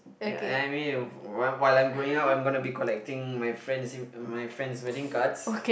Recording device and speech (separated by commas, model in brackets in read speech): boundary microphone, conversation in the same room